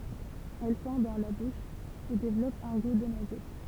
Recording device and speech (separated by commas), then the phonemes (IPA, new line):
temple vibration pickup, read sentence
ɛl fɔ̃ dɑ̃ la buʃ e devlɔp œ̃ ɡu də nwazɛt